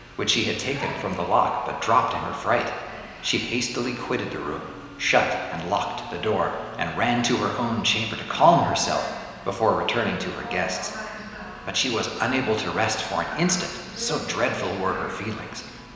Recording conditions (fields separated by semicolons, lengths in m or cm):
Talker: one person; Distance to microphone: 1.7 m; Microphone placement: close; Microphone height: 1.0 m; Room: very reverberant, large; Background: television